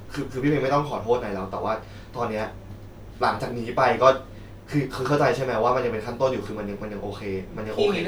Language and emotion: Thai, frustrated